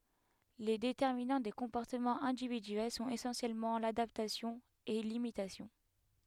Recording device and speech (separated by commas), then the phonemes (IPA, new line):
headset microphone, read sentence
le detɛʁminɑ̃ de kɔ̃pɔʁtəmɑ̃z ɛ̃dividyɛl sɔ̃t esɑ̃sjɛlmɑ̃ ladaptasjɔ̃ e limitasjɔ̃